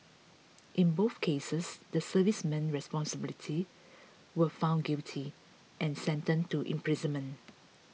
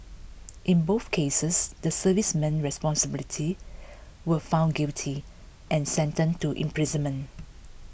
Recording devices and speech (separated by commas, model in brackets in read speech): mobile phone (iPhone 6), boundary microphone (BM630), read sentence